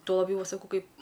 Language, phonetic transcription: Lithuanian, tuo laˈbjau ˈva saˈkau ˈkaip

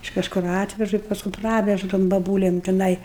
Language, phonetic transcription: Lithuanian, iš kažˈkur ˈatvežu i pasˈkum ˈpravežu tom baˈbūlem tiˈnai

